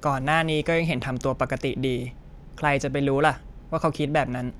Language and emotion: Thai, frustrated